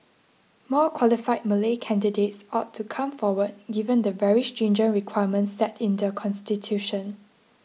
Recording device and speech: mobile phone (iPhone 6), read sentence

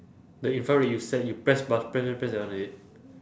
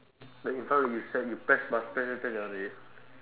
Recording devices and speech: standing microphone, telephone, conversation in separate rooms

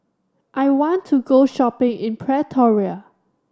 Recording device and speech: standing microphone (AKG C214), read sentence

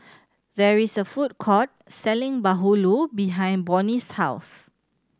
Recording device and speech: standing microphone (AKG C214), read sentence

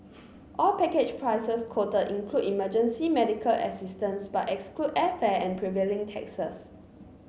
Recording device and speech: mobile phone (Samsung C9), read sentence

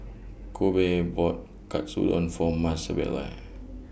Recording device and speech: boundary microphone (BM630), read sentence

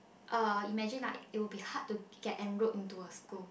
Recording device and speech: boundary microphone, conversation in the same room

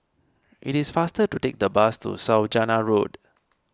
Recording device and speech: standing microphone (AKG C214), read sentence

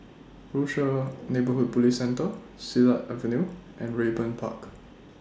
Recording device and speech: standing microphone (AKG C214), read sentence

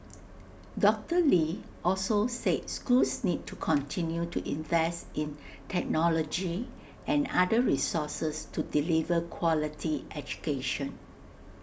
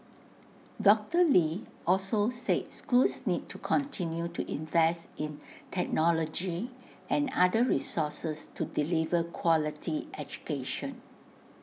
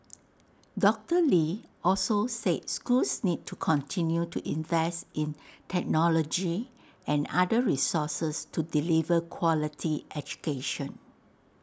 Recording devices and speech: boundary microphone (BM630), mobile phone (iPhone 6), standing microphone (AKG C214), read sentence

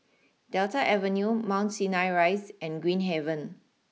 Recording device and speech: mobile phone (iPhone 6), read sentence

